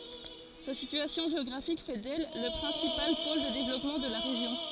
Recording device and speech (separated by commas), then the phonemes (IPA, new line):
forehead accelerometer, read sentence
sa sityasjɔ̃ ʒeɔɡʁafik fɛ dɛl lə pʁɛ̃sipal pol də devlɔpmɑ̃ də la ʁeʒjɔ̃